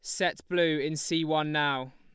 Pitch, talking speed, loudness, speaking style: 155 Hz, 205 wpm, -28 LUFS, Lombard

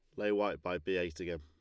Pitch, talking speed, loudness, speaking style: 90 Hz, 300 wpm, -36 LUFS, Lombard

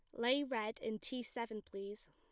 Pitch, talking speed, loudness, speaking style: 225 Hz, 190 wpm, -41 LUFS, plain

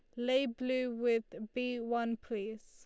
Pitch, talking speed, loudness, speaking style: 235 Hz, 145 wpm, -35 LUFS, Lombard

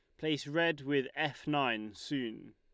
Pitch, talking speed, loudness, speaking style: 145 Hz, 155 wpm, -34 LUFS, Lombard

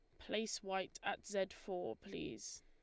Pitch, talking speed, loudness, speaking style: 190 Hz, 150 wpm, -44 LUFS, Lombard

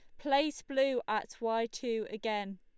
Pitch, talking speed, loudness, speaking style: 230 Hz, 150 wpm, -34 LUFS, Lombard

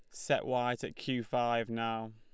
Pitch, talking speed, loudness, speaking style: 120 Hz, 185 wpm, -34 LUFS, Lombard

